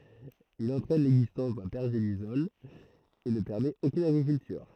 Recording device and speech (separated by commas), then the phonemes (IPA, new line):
throat microphone, read sentence
il ɑ̃tʁɛn lɛɡzistɑ̃s dœ̃ pɛʁʒelisɔl e nə pɛʁmɛt okyn aɡʁikyltyʁ